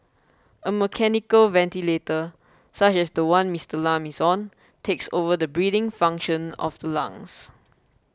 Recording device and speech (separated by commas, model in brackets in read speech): close-talking microphone (WH20), read sentence